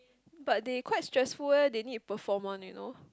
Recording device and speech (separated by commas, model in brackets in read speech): close-talking microphone, conversation in the same room